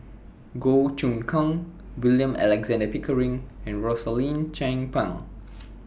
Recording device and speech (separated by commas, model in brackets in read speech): boundary microphone (BM630), read sentence